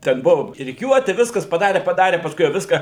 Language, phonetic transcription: Lithuanian, ˈten ˈbuvo riˈkiuoti ˈviskas paˈdare paˈdare pasˈkui jau ˈviską

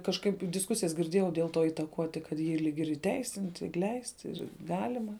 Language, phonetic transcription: Lithuanian, kažˈkaip disˈkusijas girˈdėjau dėl to įtaˈkuoti kad ˈjį ˈlyg ir įˈteisinti ir ˈleisti ir ˈgalima

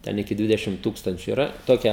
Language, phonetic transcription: Lithuanian, ˈten iki ˈdvidešim ˈtūkstančiu iˈra toˈkia

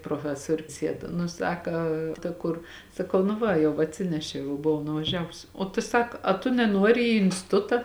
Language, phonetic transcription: Lithuanian, proˈfesorius ˈsied nu ˈsaka ta ˈkur saˈkau nu ˈva jau atˈsinešiau jau buˈvau nuvaˈžiavus o tu ˈsak a tu neˈnuori į instiˈtuta

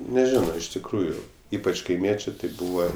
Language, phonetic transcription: Lithuanian, neˈžino iš tikˈrųju ˈypač kaiˈmiečė ti ˈbūva

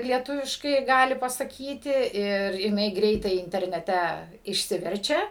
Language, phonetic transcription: Lithuanian, lieˈtuviškai ˈgali pasaˈkyti ir jiˈnai ˈgreitai interneˈte išˈsiverčia

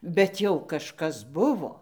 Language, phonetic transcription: Lithuanian, bet ˈjau kažˈkas ˈbuvo

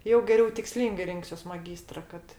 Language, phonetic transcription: Lithuanian, jau geˈriau tikˈslyngai ˈrinksiuos maˈgystra kad

